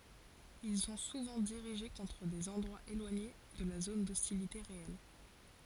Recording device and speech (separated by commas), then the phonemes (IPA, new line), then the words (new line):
forehead accelerometer, read sentence
il sɔ̃ suvɑ̃ diʁiʒe kɔ̃tʁ dez ɑ̃dʁwaz elwaɲe də la zon dɔstilite ʁeɛl
Ils sont souvent dirigés contre des endroits éloignés de la zone d'hostilité réelle.